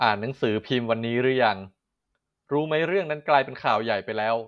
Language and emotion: Thai, neutral